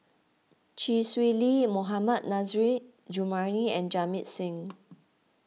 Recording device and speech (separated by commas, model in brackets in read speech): mobile phone (iPhone 6), read sentence